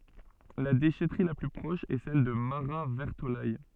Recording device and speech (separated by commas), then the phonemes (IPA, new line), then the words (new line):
soft in-ear microphone, read sentence
la deʃɛtʁi la ply pʁɔʃ ɛ sɛl də maʁatvɛʁtolɛj
La déchèterie la plus proche est celle de Marat-Vertolaye.